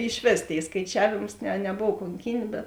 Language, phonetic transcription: Lithuanian, išˈvės ˈtėi skaiˈčiavėms ne neˈbov konˈkyn' bet

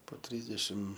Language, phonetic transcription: Lithuanian, po ˈtrysdešim

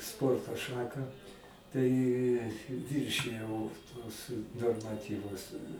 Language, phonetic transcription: Lithuanian, ˈsporto ˈšaką tai ˈviršijau tuos normaˈtyvus

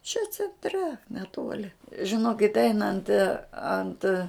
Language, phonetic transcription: Lithuanian, čia cenˈtre neˈtuoli žiˈnokit' ˈeinant ant

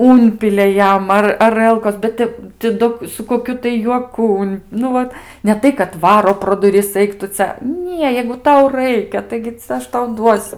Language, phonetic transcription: Lithuanian, ˈunpilia ˈjam ˈar aˈrəlkos bet ˈtep ti ˈdo su koˈkiu tai juoˈku un ˈnu vat ne ˈtai kad ˈvaro pro duˈris ˈaik tu ˈcia ˈnie jeigu ˈtau ˈraikia ˈtaigi cia ˈaš tau ˈduosiu

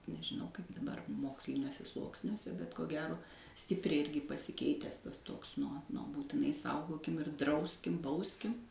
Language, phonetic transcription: Lithuanian, nežiˈnau kaip daˈbar ˈmoksliniuose ˈsluoksniuose bet ko ˈgero ˈstipriai ˈirgi pasiˈkeites ˈtas ˈtoks ˈnuo ˈnuo būtiˈnai ˈsaugokim ir ˈdrauskim ˈbauskim

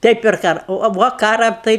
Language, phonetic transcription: Lithuanian, ˈtai per ˈkara o a ˈvo ˈkara ˈtai

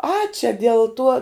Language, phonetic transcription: Lithuanian, a čia del ˈtuo

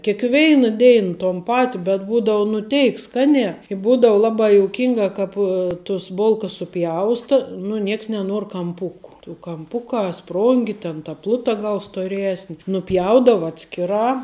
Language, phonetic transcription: Lithuanian, kėkˈveina ˈdein ton ˈpati bet ˈbūdau nu ˈteik ˈskaniā i ˈbūdau ˈlabā jouˈkinga ˈkap tus ˈbulkas suˈpjausta nu ˈnieks neˈnuor kamˈpuku tų kaˈmpukā ˈsprongi ten ta ˈpluta ˈgal stoˈresni nuˈpjaudava ˈatskiˌrā

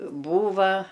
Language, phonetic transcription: Lithuanian, ˈbūva

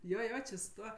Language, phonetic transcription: Lithuanian, ˈjo ˈjo či su ˈtuo

